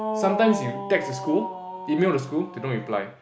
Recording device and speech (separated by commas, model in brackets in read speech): boundary microphone, conversation in the same room